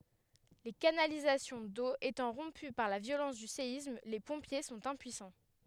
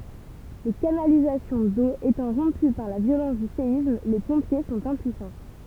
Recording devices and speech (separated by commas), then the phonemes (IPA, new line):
headset microphone, temple vibration pickup, read sentence
le kanalizasjɔ̃ do etɑ̃ ʁɔ̃py paʁ la vjolɑ̃s dy seism le pɔ̃pje sɔ̃t ɛ̃pyisɑ̃